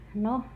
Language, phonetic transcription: Finnish, no .
- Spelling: no

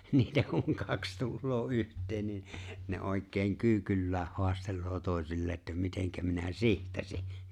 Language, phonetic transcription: Finnish, 'niitä kuŋ 'kaks 'tulloo '’yht̀̀een niin̬ , ne 'òekkeen "kyykyllääh 'hoastel̆loo 'tòesillee’ ’että » 'miteŋkä minä "sihtasi « .
- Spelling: niitä kun kaksi tulee yhteen niin ne oikein kyykyllään haastelee toisilleen että miten minä sihtasin

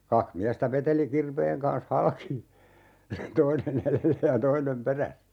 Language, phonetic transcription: Finnish, 'kakh 'miästä 'veteli 'kirveeŋ kans "halki , 'toine'n ‿elellä ja 'toinem "peräs(sä) .
- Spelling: kaksi miestä veteli kirveen kanssa halki toinen edellä ja toinen perässä

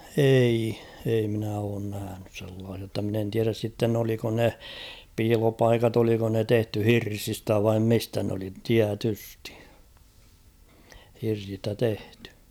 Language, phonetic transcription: Finnish, 'ei , ei minä oon 'nähänys sellaasia ‿tta min ‿en 'tiäräs sitten ‿oliko ne , 'piilopaikat ‿oliko ne 'tehty "hirsistä vaim 'mistä n ‿oli , 'tiätystɪ , hirsistä 'tehtʏ .
- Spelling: ei ei minä ole nähnyt sellaisia jotta minä en tiedä sitten oliko ne piilopaikat oliko ne tehty hirsistä vain mistä ne oli tietysti hirsistä tehty

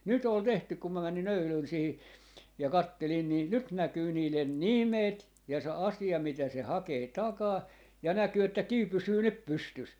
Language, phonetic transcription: Finnish, 'nyt ‿ol "tehtyk 'kum mä 'mäni'n ‿öylön sihi , ja "kattelin 'nii , "nyt 'näkyy niilen "nimet ja 'se "asi₍a 'mitä se 'hakee "takaa , ja 'näkyy että "kiw 'pysyy "nyp "pystys .
- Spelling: nyt oli tehty kun minä menin eilen siihen ja katselin niin nyt näkyy niiden nimet ja se asia mitä se hakee takaa ja näkyy että kivi pysyy nyt pystyssä

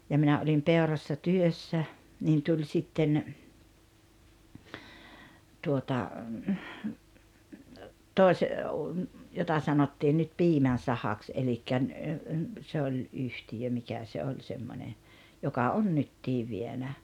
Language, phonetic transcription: Finnish, ja 'minä olim 'Peorassa 'työssä , niin tuĺ 'sitten , tuota , tòes- , jota 'sanottiin nyt "Piimän̬ Sahaks 'elikkä ‿n- , se oĺ '’yhtijö 'mikä se 'oĺ semmońe , 'joka on "nyttii 'vienä .
- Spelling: ja minä olin Peurassa työssä niin tuli sitten tuota - jota sanottiin nyt Piimän sahaksi eli - se oli yhtiö mikä se oli semmoinen joka on nytkin vienyt

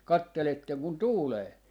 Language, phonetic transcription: Finnish, "katteletteŋ kun "tuulee .
- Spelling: katselette kun tuulee

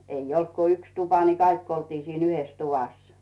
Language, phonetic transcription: Finnish, 'eij ‿olt ku 'yks tupa ni 'kaikk ‿oltii siin ‿'yhes 'tuvas .
- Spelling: ei ollut kuin yksi tupa niin kaikki oltiin siinä yhdessä tuvassa

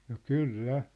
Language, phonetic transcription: Finnish, no "kyl"lä .
- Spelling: no kyllä

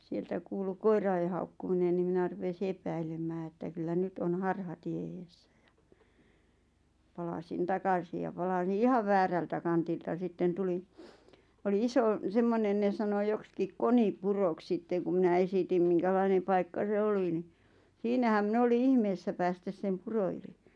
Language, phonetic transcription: Finnish, 'sieltä kuulu "koira₍e haukkuminen ni 'minä rupesi 'epäilem̆mää että kyllä 'nyt on "harhatie 'eessᴀ̈ ᴊᴀ , palasin 'takasi ja palaˢⁱⁿ "ihav 'väärältä kantilta 'sitten 'tulin̬ , oli 'isò , 'semmonen ne sano 'jokskik "Koni"purok 'sitteᵑ ku mⁱnä 'esitim 'miŋkälaineᵐ paikka 'se "oli ni , "siinähäm 'min ‿oli "ihmeessä 'päästäs sem "puro yli .
- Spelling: sieltä kuului koirien haukkuminen niin minä rupesi epäilemään että kyllä nyt on harhatie edessä ja palasin takaisin ja palasin ihan väärältä kantilta sitten tulin oli iso semmoinen ne sanoi joksikin Konipuroksi sitten kun minä esitin minkälainen paikka se oli niin siinähän minä oli ihmeessä päästä sen puro yli

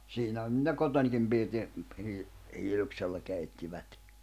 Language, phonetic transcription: Finnish, 'siinähän (ne) "kotońkim pirti , hii- , 'hiiluksella kèittivät .
- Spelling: siinähän ne kotonakin pirtin - hiiluksella keittivät

